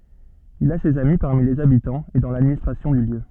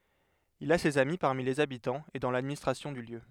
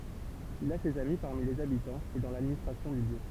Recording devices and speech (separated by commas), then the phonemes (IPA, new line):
soft in-ear microphone, headset microphone, temple vibration pickup, read sentence
il a sez ami paʁmi lez abitɑ̃z e dɑ̃ ladministʁasjɔ̃ dy ljø